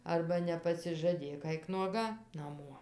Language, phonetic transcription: Lithuanian, ˈarba nepasižaˈdėk ˈaik nuoˈga naˈmuo

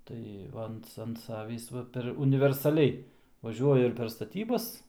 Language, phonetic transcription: Lithuanian, ˈtai ˈva ant ant ˈsavįs ˈva per universaˈliai vaˈžiuoju ir per staˈtybas

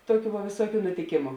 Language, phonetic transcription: Lithuanian, ˈtoˌkių va vėˈsuokiu nutiˈkėmu

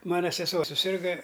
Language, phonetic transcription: Lithuanian, ˈmana seˈsuo suˈsirga

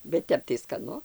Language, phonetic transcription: Lithuanian, bet ˈtep tai skaˈnu

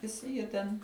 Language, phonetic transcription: Lithuanian, viˈsi jie ten

